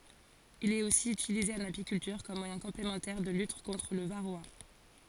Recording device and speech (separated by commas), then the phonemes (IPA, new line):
forehead accelerometer, read sentence
il ɛt osi ytilize ɑ̃n apikyltyʁ kɔm mwajɛ̃ kɔ̃plemɑ̃tɛʁ də lyt kɔ̃tʁ lə vaʁoa